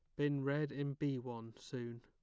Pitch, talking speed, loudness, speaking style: 140 Hz, 200 wpm, -41 LUFS, plain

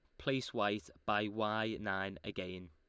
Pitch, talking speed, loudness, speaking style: 105 Hz, 145 wpm, -38 LUFS, Lombard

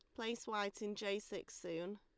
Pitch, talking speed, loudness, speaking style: 205 Hz, 200 wpm, -44 LUFS, Lombard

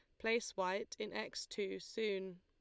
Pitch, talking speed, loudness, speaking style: 195 Hz, 165 wpm, -41 LUFS, Lombard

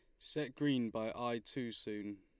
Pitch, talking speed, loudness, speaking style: 115 Hz, 180 wpm, -40 LUFS, Lombard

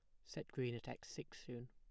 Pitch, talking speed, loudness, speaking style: 120 Hz, 245 wpm, -49 LUFS, plain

